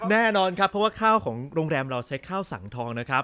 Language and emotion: Thai, happy